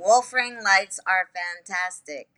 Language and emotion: English, sad